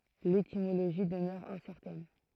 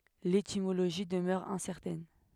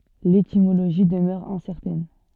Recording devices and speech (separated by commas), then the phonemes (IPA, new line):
throat microphone, headset microphone, soft in-ear microphone, read sentence
letimoloʒi dəmœʁ ɛ̃sɛʁtɛn